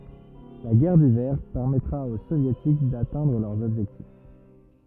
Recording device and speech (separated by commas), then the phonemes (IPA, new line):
rigid in-ear microphone, read sentence
la ɡɛʁ divɛʁ pɛʁmɛtʁa o sovjetik datɛ̃dʁ lœʁz ɔbʒɛktif